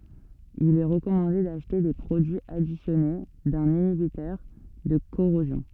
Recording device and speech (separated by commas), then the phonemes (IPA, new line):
soft in-ear microphone, read sentence
il ɛ ʁəkɔmɑ̃de daʃte de pʁodyiz adisjɔne dœ̃n inibitœʁ də koʁozjɔ̃